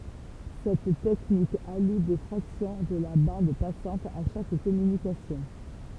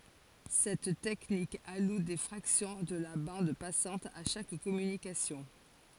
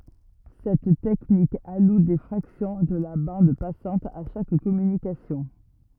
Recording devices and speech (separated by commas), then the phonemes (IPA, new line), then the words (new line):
temple vibration pickup, forehead accelerometer, rigid in-ear microphone, read sentence
sɛt tɛknik alu de fʁaksjɔ̃ də la bɑ̃d pasɑ̃t a ʃak kɔmynikasjɔ̃
Cette technique alloue des fractions de la bande passante à chaque communication.